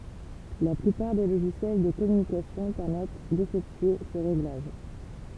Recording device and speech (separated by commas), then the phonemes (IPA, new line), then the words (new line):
temple vibration pickup, read sentence
la plypaʁ de loʒisjɛl də kɔmynikasjɔ̃ pɛʁmɛt defɛktye sə ʁeɡlaʒ
La plupart des logiciels de communication permettent d'effectuer ce réglage.